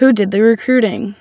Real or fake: real